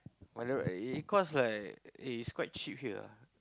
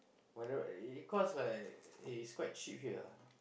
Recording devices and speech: close-talking microphone, boundary microphone, conversation in the same room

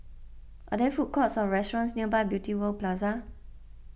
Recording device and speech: boundary microphone (BM630), read sentence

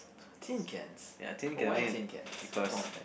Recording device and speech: boundary microphone, conversation in the same room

